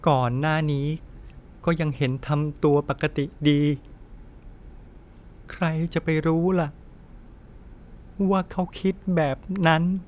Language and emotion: Thai, sad